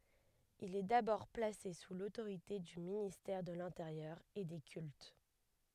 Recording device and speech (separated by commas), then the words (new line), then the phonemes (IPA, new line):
headset microphone, read sentence
Il est d'abord placé sous l'autorité du ministère de l'Intérieur et des Cultes.
il ɛ dabɔʁ plase su lotoʁite dy ministɛʁ də lɛ̃teʁjœʁ e de kylt